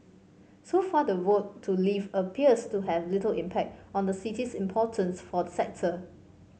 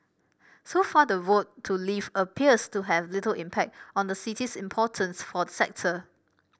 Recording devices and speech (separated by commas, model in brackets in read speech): mobile phone (Samsung C5), boundary microphone (BM630), read sentence